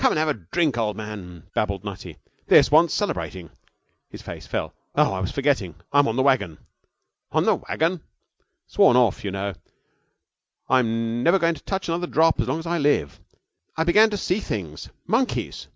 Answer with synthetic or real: real